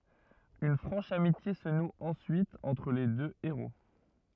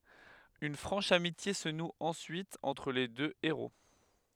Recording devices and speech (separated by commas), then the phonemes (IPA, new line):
rigid in-ear microphone, headset microphone, read sentence
yn fʁɑ̃ʃ amitje sə nu ɑ̃syit ɑ̃tʁ le dø eʁo